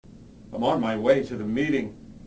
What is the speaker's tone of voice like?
neutral